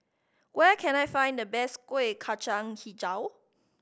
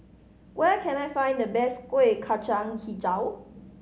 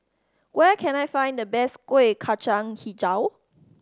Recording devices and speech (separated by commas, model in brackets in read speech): boundary microphone (BM630), mobile phone (Samsung C5010), standing microphone (AKG C214), read sentence